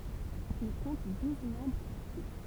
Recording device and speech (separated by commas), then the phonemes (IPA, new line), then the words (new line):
temple vibration pickup, read sentence
il kɔ̃t duz mɑ̃bʁz aktif
Il compte douze membres actifs.